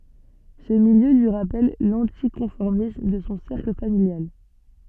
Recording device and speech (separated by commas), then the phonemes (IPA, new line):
soft in-ear microphone, read sentence
sə miljø lyi ʁapɛl lɑ̃tikɔ̃fɔʁmism də sɔ̃ sɛʁkl familjal